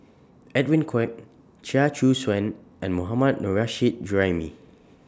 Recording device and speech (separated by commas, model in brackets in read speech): standing microphone (AKG C214), read sentence